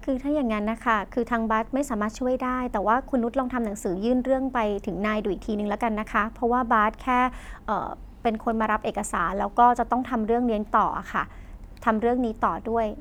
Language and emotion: Thai, frustrated